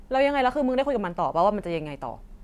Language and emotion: Thai, angry